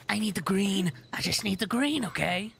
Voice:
Gravelly Voice